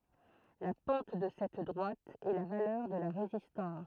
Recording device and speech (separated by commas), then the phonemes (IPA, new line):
throat microphone, read sentence
la pɑ̃t də sɛt dʁwat ɛ la valœʁ də la ʁezistɑ̃s